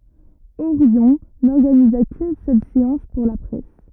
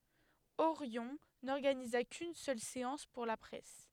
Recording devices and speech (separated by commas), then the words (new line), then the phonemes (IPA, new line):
rigid in-ear microphone, headset microphone, read sentence
Orion n'organisa qu'une seule séance pour la presse.
oʁjɔ̃ nɔʁɡaniza kyn sœl seɑ̃s puʁ la pʁɛs